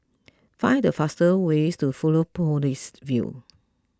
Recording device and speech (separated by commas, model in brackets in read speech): close-talking microphone (WH20), read sentence